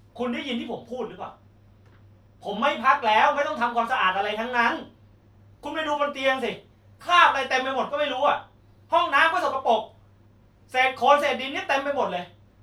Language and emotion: Thai, angry